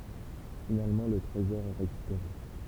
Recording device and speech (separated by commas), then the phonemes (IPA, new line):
temple vibration pickup, read sentence
finalmɑ̃ lə tʁezɔʁ ɛ ʁekypeʁe